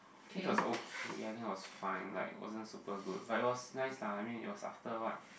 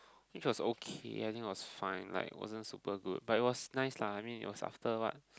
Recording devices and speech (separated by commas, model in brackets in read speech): boundary microphone, close-talking microphone, conversation in the same room